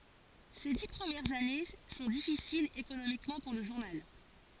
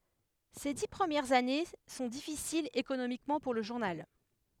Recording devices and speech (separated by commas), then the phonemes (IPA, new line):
forehead accelerometer, headset microphone, read sentence
se di pʁəmjɛʁz ane sɔ̃ difisilz ekonomikmɑ̃ puʁ lə ʒuʁnal